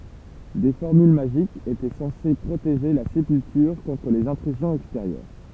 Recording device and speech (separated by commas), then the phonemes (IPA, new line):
temple vibration pickup, read sentence
de fɔʁmyl maʒikz etɛ sɑ̃se pʁoteʒe la sepyltyʁ kɔ̃tʁ lez ɛ̃tʁyzjɔ̃z ɛksteʁjœʁ